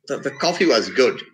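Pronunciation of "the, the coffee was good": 'The coffee was good' is said with a fall-rise tone: the voice falls and then rises.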